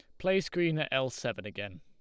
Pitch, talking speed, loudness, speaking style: 130 Hz, 225 wpm, -32 LUFS, Lombard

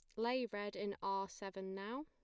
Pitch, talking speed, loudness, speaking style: 205 Hz, 195 wpm, -43 LUFS, plain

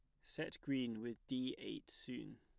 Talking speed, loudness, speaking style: 165 wpm, -45 LUFS, plain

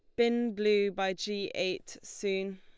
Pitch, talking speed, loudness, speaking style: 200 Hz, 150 wpm, -31 LUFS, Lombard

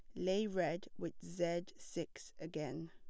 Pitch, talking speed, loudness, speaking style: 170 Hz, 135 wpm, -42 LUFS, plain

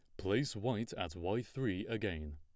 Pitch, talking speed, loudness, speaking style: 110 Hz, 165 wpm, -38 LUFS, plain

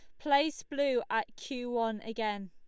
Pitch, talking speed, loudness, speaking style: 240 Hz, 160 wpm, -33 LUFS, Lombard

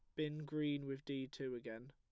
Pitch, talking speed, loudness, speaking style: 135 Hz, 210 wpm, -44 LUFS, plain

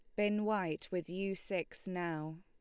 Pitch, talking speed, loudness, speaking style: 185 Hz, 165 wpm, -38 LUFS, Lombard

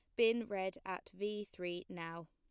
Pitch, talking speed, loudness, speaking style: 190 Hz, 170 wpm, -40 LUFS, plain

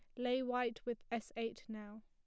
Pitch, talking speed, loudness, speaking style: 230 Hz, 195 wpm, -41 LUFS, plain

